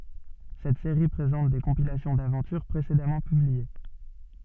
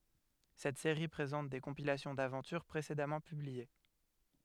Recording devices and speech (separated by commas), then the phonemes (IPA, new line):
soft in-ear microphone, headset microphone, read sentence
sɛt seʁi pʁezɑ̃t de kɔ̃pilasjɔ̃ davɑ̃tyʁ pʁesedamɑ̃ pyblie